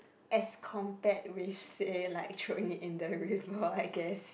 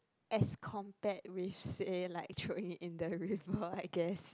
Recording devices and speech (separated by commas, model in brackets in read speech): boundary microphone, close-talking microphone, conversation in the same room